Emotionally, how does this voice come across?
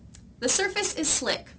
neutral